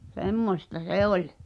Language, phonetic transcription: Finnish, semmośta 'se ‿oĺ .
- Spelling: semmoista se oli

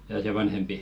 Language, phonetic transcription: Finnish, jaa 'se "vanhempi ?
- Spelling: jaa se vanhempi

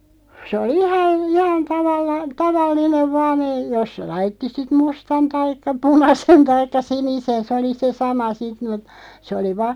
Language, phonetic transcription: Finnish, sᵉ oli 'ihan , "ihan 'tavalla- , "taval'linev 'vaan ‿ei , 'jos se 'laitti sit "mustan 'taikka "punasen 'taikka "sinisen 'sᵉ oli se "sama 'sit mut , sᵉ oli 'va- ,.
- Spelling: se oli ihan ihan - tavallinen vain ei jos se laittoi sitten mustan taikka punaisen taikka sinisen se oli se sama sitten mutta se oli -

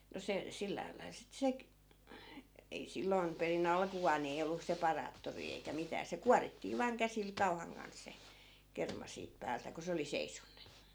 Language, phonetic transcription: Finnish, no 'se , 'sillääl lail sit 'sek- , ei 'silloi̮m 'peri"n ‿alkuvaan ni ei ollu 'separaattorii eikä 'mitää se "kuarittii vaaŋ 'käsil 'kau̬haŋ kan s̀e , 'kerma siip 'päältä , ko se oli 'seisonn(e) .
- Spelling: no se sillä lailla sitten - ei silloin perin alkuaan niin ei ollut separaattoria eikä mitään se kuorittiin vain käsillä kauan kanssa se kerma siitä päältä kun se oli seisonut

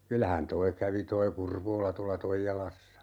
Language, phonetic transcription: Finnish, 'kylähän "toi kävi 'toi "Kurvoola 'tuala "Toijalassa .
- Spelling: kyllähän tuo kävi tuo Kurvola tuolla Toijalassa

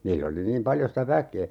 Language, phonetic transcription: Finnish, 'niill ‿oli niim 'paljo sitä "väkee .
- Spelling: niillä oli niin paljon sitä väkeä

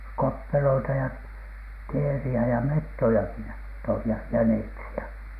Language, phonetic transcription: Finnish, koppeloita ja "teeri₍ä ja 'mettojaki ja , toih ja "jäneksi₍ä .
- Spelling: koppeloita ja teeriä ja metsojakin ja toivat ja jäniksiä

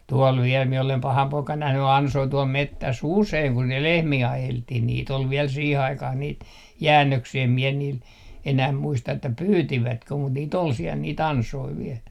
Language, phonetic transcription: Finnish, 'tuol viel mie olem 'paham 'poikan 'nähny "ansoi 'tuol 'mettäs"s ‿useiŋ kun ne 'lehmii 'ajelttih niit ‿ol viɛl siih 'aikah niit , "jäännöksii em mie niil , enäh 'muista että "pyytivätkö mut niit ‿ol siɛl nii"t ‿ansoi 'viɛl .
- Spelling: tuolla vielä minä olen pahana poikana nähnyt ansoja tuolla metsässä usein kun ne lehmiä ajeltiin niitä oli vielä siihen aikaan niitä jäännöksiä en minä niin enää muista että pyysivätkö mutta niitä oli siellä niitä ansoja vielä

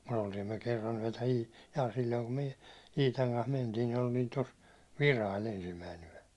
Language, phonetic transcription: Finnish, ᴍᴜ't ‿oltiim myö 'kerran yäₒtä ii- , jaa sil̜l̜oiŋ kum myö , 'Iitaŋ kans mentiin̬ nin ‿oltiin 'tos , "Virail ensimmäin ‿yäₒ .
- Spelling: mutta oltiin me kerran yötä - ja silloin kun me Iitan kanssa mentiin niin oltiin tuossa Virailla ensimmäinen yö

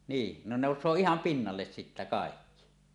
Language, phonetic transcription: Finnish, 'nii , 'ne 'nòus̀oo 'iham "pinnalles sittä kàekki .
- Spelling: niin ne nousee ihan pinnalle sitten kaikki

